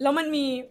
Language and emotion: Thai, neutral